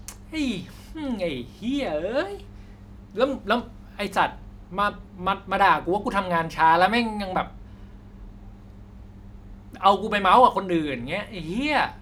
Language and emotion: Thai, frustrated